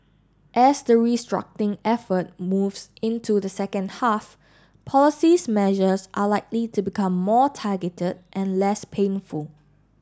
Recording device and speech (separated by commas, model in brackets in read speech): standing microphone (AKG C214), read sentence